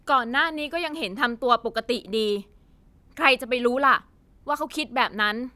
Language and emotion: Thai, angry